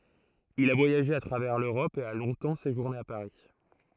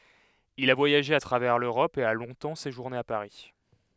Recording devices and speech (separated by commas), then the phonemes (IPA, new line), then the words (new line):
throat microphone, headset microphone, read sentence
il a vwajaʒe a tʁavɛʁ løʁɔp e a lɔ̃tɑ̃ seʒuʁne a paʁi
Il a voyagé à travers l'Europe et a longtemps séjourné à Paris.